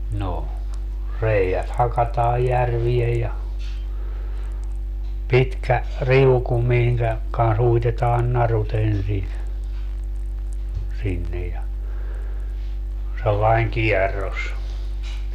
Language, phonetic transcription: Finnish, no , "rei₍ät 'hakataaj 'järviej ja , 'pitkä , "riuku miŋkä , 'kans 'uitetaan "narut 'ensin , 'sinnej ja , sellaiŋ "kiɛrros .
- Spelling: no reiät hakataan järveen ja pitkä riuku minkä kanssa uitetaan narut ensin sinne ja sellainen kierros

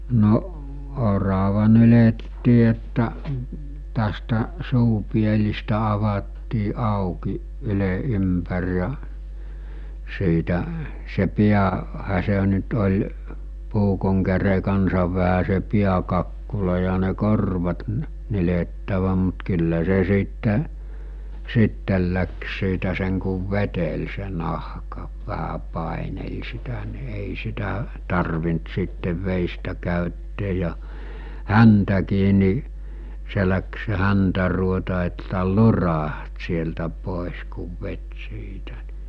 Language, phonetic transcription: Finnish, 'no , orava nylettii että , tästä , 'suupielistä avattii 'àukiˀ 'ˀyle '’ympär ja , siitä , se 'piä- , -hä se nyt oĺ , 'puukoŋ käre kansav vähä se 'piäkakkula ja ne 'korvat nə- , nylettävä mut kyllä se 'sìtte , 'sìttel läks siitä seŋ kuv 'vetel se 'nahka , vähä 'pàinel sitä ni èi sitä , tarvint sittev 'vèistä kä̀ytteej̆ ja , 'häntäkii ni , 'se läks se 'häntäruota että "luraht sieltä pòes kuv 'vet̜ siitä (ni) .
- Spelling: no orava nyljettiin että tästä suupielistä avattiin auki ylen ympäri ja siitä se - päähän se nyt oli puukon kärjen kanssa vähän se pääkakkula ja ne korvat - nyljettävä mutta kyllä se sitten sitten lähti siitä sen kun veteli se nahka vähän paineli sitä niin ei sitä tarvinnut sitten veistä käyttää ja häntäkin niin se lähti se häntäruoto että lurahti sieltä pois kun veti siitä niin

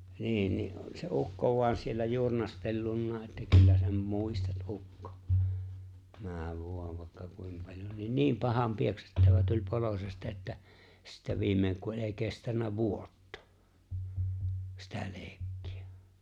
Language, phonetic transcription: Finnish, 'ni̬i̬n ni , se '’ukko voan siellä 'jurnastellunnà että » 'kyyllä sem "mùistat '’ukko , 'määv 'vu̬av vàekka 'kuim paĺjo « nin ''niim 'pahampieksettävä tuĺ 'polośesta ett,ä , sⁱttä 'viimeŋ 'kuo͕ĺ ‿èi̬ kestännä "vuottᴀ , sⁱtä 'leeⁱkkɪ₍ᴀ̈ .
- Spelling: niin niin se ukko vain siellä jurnastellutkin että kyllä sen muistat ukko meni vain vaikka kuinka paljon niin niin pahanpieksettävä tuli poloisesta että sitten viimein kuoli ei kestänyt vuotta sitä leikkiä

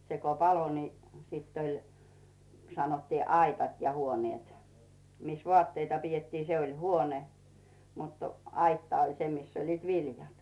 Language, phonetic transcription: Finnish, 'se ko "palo ni , 'sìtt ‿oĺ , 'sanottii "aitat ja "huonⁱèt , 'mis 'vᵒàtteita piettii se oĺ "huone , mut , "aitta oĺ 'se mis oĺliit 'viljat .
- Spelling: se kun paloi niin sitten oli sanottiin aitat ja huoneet missä vaatteita pidettiin se oli huone mutta aitta oli se missä olivat viljat

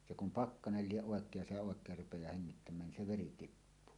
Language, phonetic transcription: Finnish, se kum "pakkanel 'lieˀ "ˀòek̀eej ja 'se 'òek̀eer rupejaa heŋŋittäm̆mään nin se "veri 'tippuu .
- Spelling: se kun pakkanen lie oikein ja se oikein rupeaa hengittämään niin se veri tippuu

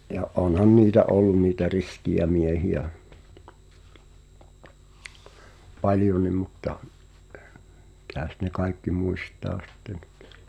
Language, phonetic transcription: Finnish, ja '’onhan "niitä '’ol̆lun niitä 'riski₍ä miehi₍ä , 'paljon̆ni mutta , [mi]kä̀s ne "kaikki 'muist̀aa sitte (ɴʏt) .
- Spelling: ja onhan niitä ollut niitä riskejä miehiä paljonkin mutta mikäs ne kaikki muistaa sitten nyt

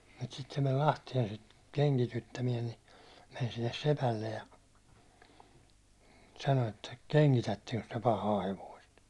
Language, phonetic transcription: Finnish, mut sit se men 'Lahtien sit 'keŋkityttämiɛn ni , men silles 'sepällej ja , sano että » 'keŋkitätteŋks työ 'pahaa 'hevoist ? «
- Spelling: mutta sitten se meni Lahteen sitä kengityttämään niin meni sille sepälle ja sanoi että kengitättekö te pahaa hevosta

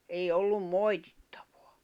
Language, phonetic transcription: Finnish, 'ei 'ollum 'moi̬tɪttᴀᴠᴏᴀ .
- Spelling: ei ollut moitittavaa

